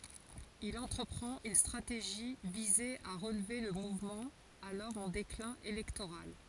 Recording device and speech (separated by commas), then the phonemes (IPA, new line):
forehead accelerometer, read sentence
il ɑ̃tʁəpʁɑ̃t yn stʁateʒi vize a ʁəlve lə muvmɑ̃ alɔʁ ɑ̃ deklɛ̃ elɛktoʁal